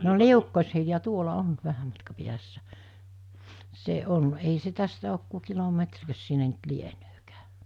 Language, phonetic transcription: Finnish, no "Liukkoshilja 'tuola 'on , 'vähäm matka piässä , 'se 'on , ei se 'tästä ok ku 'kilo'metrkös sinne ‿nt 'lienöökää .
- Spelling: no Liukkos-Hilja tuolla on vähän matkan päässä se on ei se tästä ole kuin kilometrikös sinne nyt lieneekään

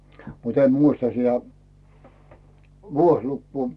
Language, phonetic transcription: Finnish, mut ‿em "muista 'sitä , 'vuoslukkuu .
- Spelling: mutta en muista sitä vuosilukua

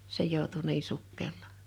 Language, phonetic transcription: Finnish, se 'jòutu 'nii 'sukkel̆laa .
- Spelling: se joutui niin sukkelaan

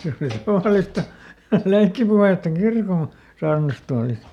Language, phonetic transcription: Finnish, ˈse oli ˈtavàlista , "leikkipuhètta ˈkirkon̬ , ˈsaarnastualist .
- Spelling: se oli tavallista leikkipuhetta kirkon saarnastuolista

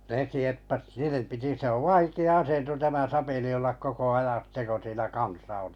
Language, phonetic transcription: Finnish, ne 'sieppas 'niinem piti se ov 'vaiki₍a 'asento tämä 'sapeli ollak 'koko 'ajan̬ ˢⁱtte ko 'siinä "kansa ᴏ(ʟɪ) .
- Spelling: ne sieppasi niiden piti se on vaikea asento tämä sapeli olla koko ajan sitten kun siinä kansa oli

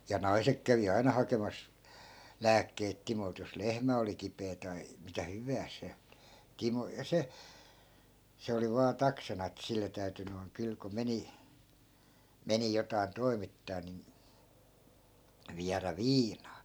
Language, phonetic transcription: Finnish, ja "nai̮sek kävi 'aina hakemas , 'lääkkeit 'timolt jos "lehmä oli 'kipee tai , mitä "hyvääs se , 'timo ja 'se , 'se oli vaa 'taksana et 'sille täyty noi̮ŋ 'kyl ko 'meni , 'meni jotai̮n 'toi̮mittaa nin , viärä "viinaa .
- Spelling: ja naiset kävi aina hakemassa lääkkeitä Timolta jos lehmä oli kipeä tai mitä hyvänsä se Timo ja se se oli vain taksana että sille täytyi noin kyllä kun meni meni jotakin toimittaa niin viedä viinaa

